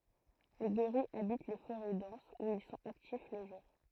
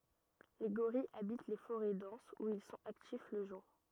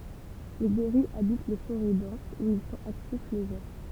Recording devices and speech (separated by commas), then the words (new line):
throat microphone, rigid in-ear microphone, temple vibration pickup, read sentence
Les gorilles habitent les forêts denses où ils sont actifs le jour.